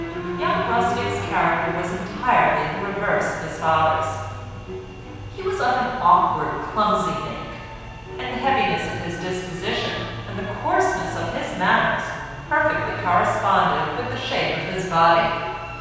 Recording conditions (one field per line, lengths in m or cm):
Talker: one person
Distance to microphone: 7.1 m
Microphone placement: far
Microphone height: 1.7 m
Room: very reverberant, large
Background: music